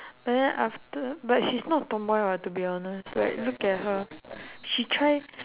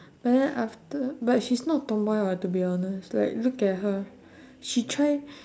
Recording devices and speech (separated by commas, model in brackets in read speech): telephone, standing microphone, conversation in separate rooms